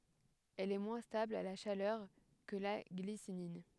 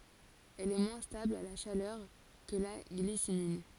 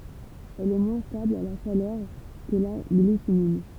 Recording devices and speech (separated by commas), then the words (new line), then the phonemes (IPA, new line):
headset microphone, forehead accelerometer, temple vibration pickup, read sentence
Elle est moins stable à la chaleur que la glycinine.
ɛl ɛ mwɛ̃ stabl a la ʃalœʁ kə la ɡlisinin